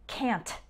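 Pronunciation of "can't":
'Can't' is said with a really strong T sound at the end, which is not the natural way to say it.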